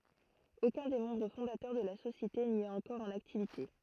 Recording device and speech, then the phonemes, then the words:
throat microphone, read sentence
okœ̃ de mɑ̃bʁ fɔ̃datœʁ də la sosjete ni ɛt ɑ̃kɔʁ ɑ̃n aktivite
Aucun des membres fondateurs de la société n'y est encore en activité.

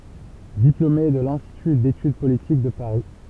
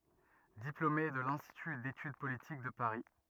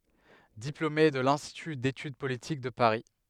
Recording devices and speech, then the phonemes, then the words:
temple vibration pickup, rigid in-ear microphone, headset microphone, read sentence
diplome də lɛ̃stity detyd politik də paʁi
Diplômé de l'Institut d'Études Politiques de Paris.

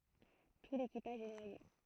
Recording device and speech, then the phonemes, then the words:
throat microphone, read sentence
tu lekipaʒ ɛ nwaje
Tout l'équipage est noyé.

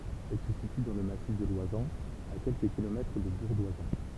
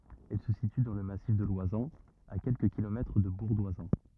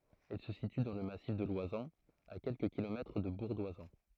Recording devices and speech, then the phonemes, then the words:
temple vibration pickup, rigid in-ear microphone, throat microphone, read sentence
ɛl sə sity dɑ̃ lə masif də lwazɑ̃z a kɛlkə kilomɛtʁ də buʁ dwazɑ̃
Elle se situe dans le massif de l'Oisans, à quelques kilomètres de Bourg-d'Oisans.

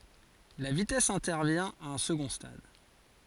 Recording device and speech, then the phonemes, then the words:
forehead accelerometer, read sentence
la vitɛs ɛ̃tɛʁvjɛ̃ a œ̃ səɡɔ̃ stad
La vitesse intervient à un second stade.

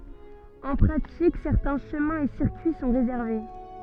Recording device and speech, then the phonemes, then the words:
soft in-ear microphone, read sentence
ɑ̃ pʁatik sɛʁtɛ̃ ʃəmɛ̃ e siʁkyi sɔ̃ ʁezɛʁve
En pratique, certains chemin et circuits sont réservés.

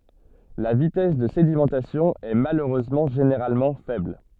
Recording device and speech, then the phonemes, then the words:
soft in-ear microphone, read sentence
la vitɛs də sedimɑ̃tasjɔ̃ ɛ maløʁøzmɑ̃ ʒeneʁalmɑ̃ fɛbl
La vitesse de sédimentation est malheureusement généralement faible.

